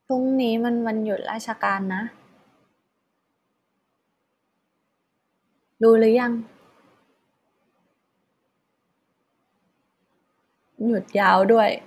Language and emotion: Thai, frustrated